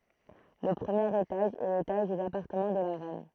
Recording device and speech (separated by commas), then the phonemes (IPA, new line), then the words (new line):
throat microphone, read sentence
lə pʁəmjeʁ etaʒ ɛ letaʒ dez apaʁtəmɑ̃ də la ʁɛn
Le premier étage est l'étage des appartements de la reine.